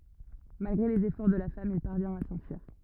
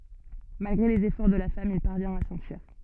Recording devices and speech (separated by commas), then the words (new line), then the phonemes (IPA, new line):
rigid in-ear microphone, soft in-ear microphone, read sentence
Malgré les efforts de la femme, il parvient à s'enfuir.
malɡʁe lez efɔʁ də la fam il paʁvjɛ̃t a sɑ̃fyiʁ